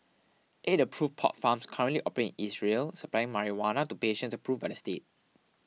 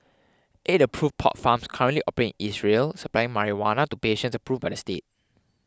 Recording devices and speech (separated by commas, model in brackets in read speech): mobile phone (iPhone 6), close-talking microphone (WH20), read sentence